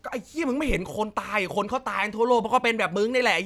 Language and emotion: Thai, angry